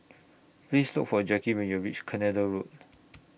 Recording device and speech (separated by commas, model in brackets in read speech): boundary microphone (BM630), read sentence